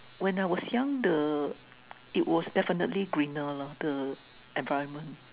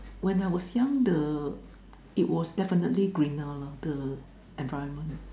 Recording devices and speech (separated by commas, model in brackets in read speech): telephone, standing microphone, conversation in separate rooms